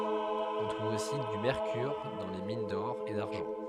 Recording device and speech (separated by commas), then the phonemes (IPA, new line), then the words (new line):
headset microphone, read sentence
ɔ̃ tʁuv osi dy mɛʁkyʁ dɑ̃ le min dɔʁ e daʁʒɑ̃
On trouve aussi du mercure dans les mines d'or et d'argent.